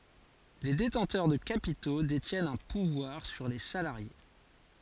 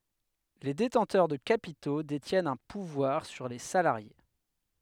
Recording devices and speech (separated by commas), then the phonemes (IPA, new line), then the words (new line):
forehead accelerometer, headset microphone, read sentence
le detɑ̃tœʁ də kapito detjɛnt œ̃ puvwaʁ syʁ le salaʁje
Les détenteurs de capitaux détiennent un pouvoir sur les salariés.